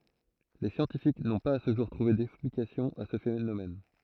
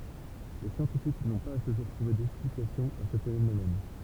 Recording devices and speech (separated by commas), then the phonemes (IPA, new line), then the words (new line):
throat microphone, temple vibration pickup, read sentence
le sjɑ̃tifik nɔ̃ paz a sə ʒuʁ tʁuve dɛksplikasjɔ̃ a sə fenomɛn
Les scientifiques n'ont pas à ce jour trouvé d'explication à ce phénomène.